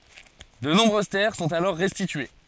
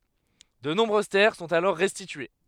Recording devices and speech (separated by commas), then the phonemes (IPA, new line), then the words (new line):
forehead accelerometer, headset microphone, read sentence
də nɔ̃bʁøz tɛʁ sɔ̃t alɔʁ ʁɛstitye
De nombreuses terres sont alors restituées.